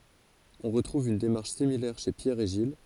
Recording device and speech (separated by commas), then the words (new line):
forehead accelerometer, read sentence
On retrouve une démarche similaire chez Pierre et Gilles.